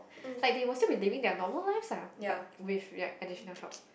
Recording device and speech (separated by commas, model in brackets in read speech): boundary microphone, conversation in the same room